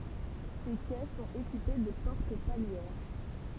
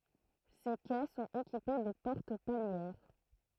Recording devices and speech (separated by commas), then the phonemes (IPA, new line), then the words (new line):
temple vibration pickup, throat microphone, read sentence
se kɛ sɔ̃t ekipe də pɔʁt paljɛʁ
Ces quais sont équipés de portes palières.